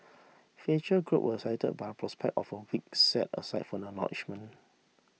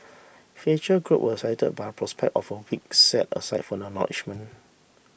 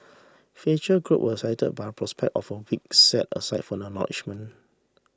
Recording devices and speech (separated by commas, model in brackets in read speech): mobile phone (iPhone 6), boundary microphone (BM630), standing microphone (AKG C214), read sentence